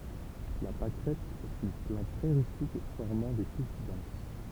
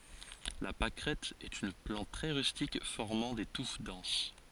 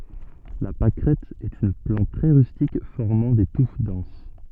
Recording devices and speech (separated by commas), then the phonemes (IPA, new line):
temple vibration pickup, forehead accelerometer, soft in-ear microphone, read sentence
la pakʁɛt ɛt yn plɑ̃t tʁɛ ʁystik fɔʁmɑ̃ de tuf dɑ̃s